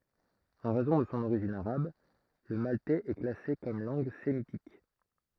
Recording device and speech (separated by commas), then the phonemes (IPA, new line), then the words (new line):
throat microphone, read sentence
ɑ̃ ʁɛzɔ̃ də sɔ̃ oʁiʒin aʁab lə maltɛz ɛ klase kɔm lɑ̃ɡ semitik
En raison de son origine arabe, le maltais est classé comme langue sémitique.